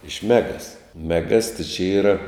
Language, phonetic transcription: Lithuanian, iš ˈmegas meˈgas ti čia ˈyra

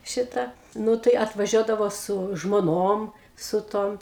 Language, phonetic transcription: Lithuanian, ˈšita ˈnu tai atvaˈžiuodavo su žmoˈnom su ˈtom

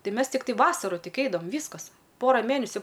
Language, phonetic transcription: Lithuanian, ˈtai ˈmes tikˈtai ˈvasaru ˈtik ˈeidavam ˈvyskas ˈpora ˈmėnesiu

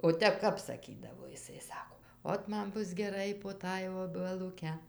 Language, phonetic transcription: Lithuanian, o ˈtep ˈkap saˈkydavo jiˈsai ˈsako ˈot ˈman ˈbus geˈrai po ˈtąj obeluˈke

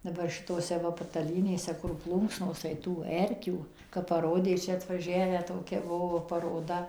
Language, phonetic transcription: Lithuanian, daˈbar šitoˈse ˈva pataˈlynėse kur ˈplūnksnos tai ˈtų ˈerkių kap paˈrodė ˈčia atvaˈžiavę ˈtokia ˈbuvo paroˈda

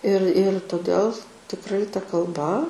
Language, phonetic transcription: Lithuanian, ir ir toˈdel tikˈrai ta kalˈba

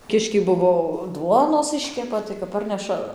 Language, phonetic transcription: Lithuanian, ˈkiškiai ˈbuvo ˈduonos ˈiškepa tai kap ˈparneša

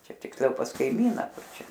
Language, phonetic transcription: Lithuanian, ˈčia tiksˈliau pas kaiˈmyna ˈkur ˈčia

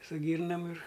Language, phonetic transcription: Lithuanian, su ˈgyrnam ir

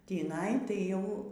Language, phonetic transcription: Lithuanian, tįˈnai tai ˈjau

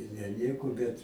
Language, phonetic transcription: Lithuanian, ir ne ˈnieko ˈbet

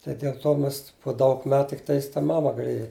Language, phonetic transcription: Lithuanian, tai del ˈto ˈmes po ˈdaug ˈmet tikˈtais ta ˈmama gaˈlėja

